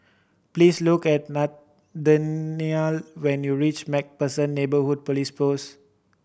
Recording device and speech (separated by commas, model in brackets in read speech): boundary microphone (BM630), read sentence